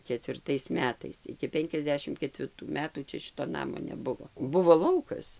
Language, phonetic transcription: Lithuanian, ketvirˈtais ˈmetais iki ˈpenkiasˌdešim ketvirˈtų ˈmetų ˈčia ˈšito ˈnamo neˈbuvo ˈbuvo ˈlaukas

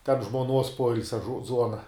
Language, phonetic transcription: Lithuanian, ten žmoˈnuos ˈpoilsia ˈzuona

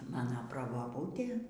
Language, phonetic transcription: Lithuanian, ˈmano praboˈbūtė

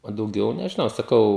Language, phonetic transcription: Lithuanian, o dauˈgiau nežiˈnau saˈkau

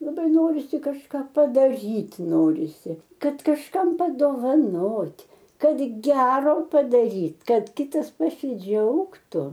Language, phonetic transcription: Lithuanian, laˈbai ˈnorisi kažˈką padaˈryt' ˈnorisi ˈkad kažˈkam padovaˈnot' ˈkad ˈgero padaryt' ˈkad kiˈtas pasiˈdžiaugtu

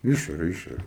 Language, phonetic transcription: Lithuanian, ˈišorė ˈišorė

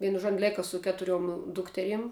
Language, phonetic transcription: Lithuanian, ˈvienu žuo on ˈlėka su ˈketuriuom ˈdukteriem

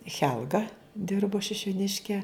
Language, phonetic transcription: Lithuanian, ˈchelga ˈdirbo šišiuˈniške

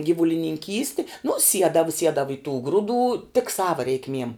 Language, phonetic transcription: Lithuanian, gyvulininˈkysti nu ˈsiedava ˈsiedava i tų ˈgruˌdų tik ˈsava reikˈmiem

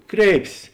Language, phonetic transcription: Lithuanian, ˈkreipsės

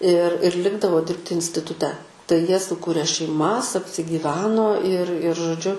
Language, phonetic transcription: Lithuanian, ir ir ˈlikdavo ˈdirbti instituˈte tai ˈjie suˈkurė šeiˈmas apsigyˈveno ir ir žoˈdžiu

